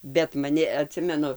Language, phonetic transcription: Lithuanian, bet maˈni aˈtsimenu

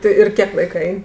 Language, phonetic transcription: Lithuanian, ˈti ir ˈkiek ˈlaika ˈein'

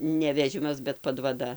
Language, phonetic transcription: Lithuanian, ne veˈžimas bet padvaˈda

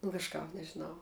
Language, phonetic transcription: Lithuanian, nu kažˈkap nežiˈnau

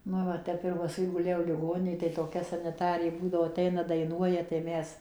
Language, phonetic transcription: Lithuanian, ˈnu va ˈtep ir paˈskui guˈlėjau liˈgoninėj tai toˈkia saniˈtarė ˈbūdavo aˈteina daiˈnuoja tai ˈmes

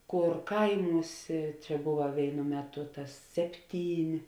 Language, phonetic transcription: Lithuanian, ˈkor ˈkaiˌmūsė ˈčia ˈbuva ˈvėinu ˈmeˌtu ˈtas ˈsepˌtyn'

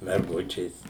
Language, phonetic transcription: Lithuanian, merˈgučės

